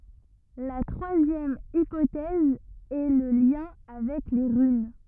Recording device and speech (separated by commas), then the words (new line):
rigid in-ear microphone, read sentence
La troisième hypothèse est le lien avec les runes.